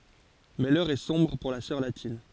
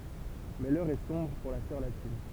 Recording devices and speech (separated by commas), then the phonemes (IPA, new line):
forehead accelerometer, temple vibration pickup, read sentence
mɛ lœʁ ɛ sɔ̃bʁ puʁ la sœʁ latin